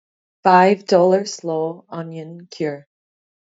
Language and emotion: English, neutral